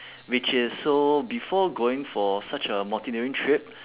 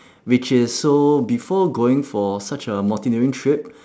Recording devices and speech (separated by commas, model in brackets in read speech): telephone, standing microphone, conversation in separate rooms